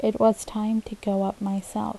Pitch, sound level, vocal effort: 200 Hz, 75 dB SPL, soft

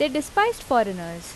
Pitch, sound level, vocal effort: 280 Hz, 85 dB SPL, loud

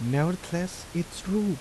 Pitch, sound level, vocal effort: 175 Hz, 80 dB SPL, soft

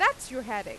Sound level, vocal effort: 95 dB SPL, loud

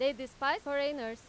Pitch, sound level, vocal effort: 275 Hz, 97 dB SPL, very loud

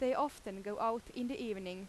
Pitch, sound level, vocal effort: 225 Hz, 89 dB SPL, very loud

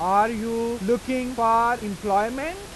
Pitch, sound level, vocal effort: 230 Hz, 96 dB SPL, loud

